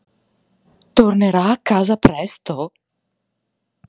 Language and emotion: Italian, surprised